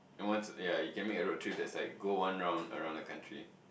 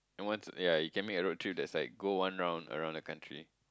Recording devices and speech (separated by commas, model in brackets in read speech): boundary microphone, close-talking microphone, conversation in the same room